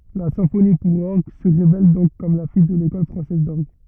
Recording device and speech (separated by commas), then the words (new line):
rigid in-ear microphone, read sentence
La symphonie pour orgue se révèle donc comme la fille de l'école française d'orgue.